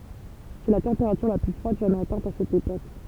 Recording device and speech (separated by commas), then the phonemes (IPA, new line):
temple vibration pickup, read sentence
sɛ la tɑ̃peʁatyʁ la ply fʁwad ʒamɛz atɛ̃t a sɛt epok